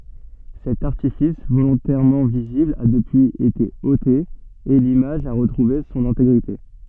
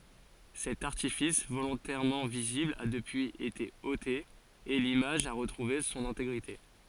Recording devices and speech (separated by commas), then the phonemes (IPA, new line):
soft in-ear microphone, forehead accelerometer, read sentence
sɛt aʁtifis volɔ̃tɛʁmɑ̃ vizibl a dəpyiz ete ote e limaʒ a ʁətʁuve sɔ̃n ɛ̃teɡʁite